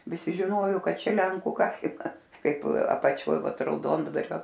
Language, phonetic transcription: Lithuanian, viˈsi žiˈnojo ˈkad ˈčia ˈlenku ˈkaimas ˈkaip apaˈčioj ˈvat rauˈdondvario

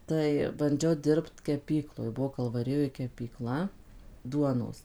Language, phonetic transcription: Lithuanian, ˈtai banˈdžiau ˈdirbt keˈpykloj ˈbuvo kalvaˈrijoj kepyˈkla ˈduonos

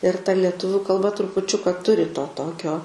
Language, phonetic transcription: Lithuanian, ir ta leˈtuviu kalˈba trupuˈčiuka ˈturi to ˈtokio

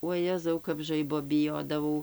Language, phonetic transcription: Lithuanian, uoˈjezau kap ˈžaibo biˈjodavau

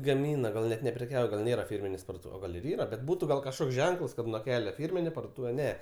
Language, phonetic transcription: Lithuanian, gaˈmyna ˈgal net nepreˈkiauja gal ˈnėra ˈfirminės parduoˈtūves o ˈgal' ir ˈyra bet ˈbūtu gal kažˈkoks ˈženkəls kad nuo ˈkele ˈfyrminė parduoˈtūve ˈne

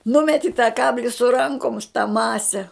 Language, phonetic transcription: Lithuanian, ˈnumeti ta ˈkabli su ˈrankums ta ˈmase

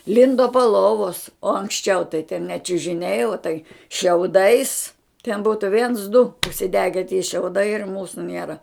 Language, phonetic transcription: Lithuanian, ˈlindo po ˈlovos o anksˈčiau tai ten ne čiužiˈniai o tai šiauˈdais ten ˈbūtu viens du užsiˈdege tie šiauˈdai ir ˈmūsu ˈniera

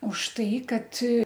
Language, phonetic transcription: Lithuanian, už ˈtai ˈkad

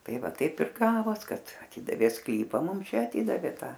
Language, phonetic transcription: Lithuanian, ˈtai ˈva ˈtaip ir ˈgavos ˈkad aˈtidavė ˈsklypa ˈmum ˈčia aˈtidavė ˈta

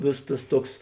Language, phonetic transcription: Lithuanian, ˈvėsos tas ˈtuoks

